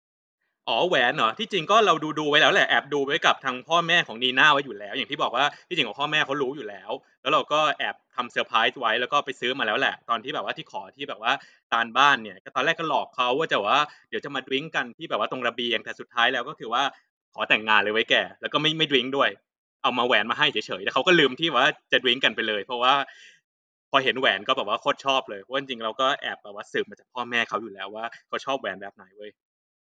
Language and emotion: Thai, neutral